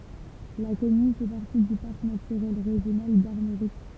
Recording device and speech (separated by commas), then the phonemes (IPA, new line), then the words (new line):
temple vibration pickup, read sentence
la kɔmyn fɛ paʁti dy paʁk natyʁɛl ʁeʒjonal daʁmoʁik
La commune fait partie du Parc naturel régional d'Armorique.